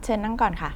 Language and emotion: Thai, neutral